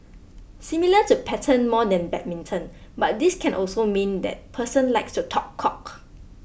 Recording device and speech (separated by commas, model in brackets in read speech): boundary microphone (BM630), read sentence